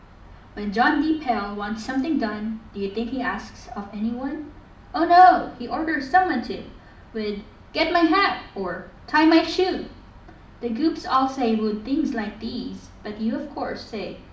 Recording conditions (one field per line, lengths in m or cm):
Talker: one person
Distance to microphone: 2.0 m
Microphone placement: close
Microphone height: 99 cm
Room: medium-sized (5.7 m by 4.0 m)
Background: none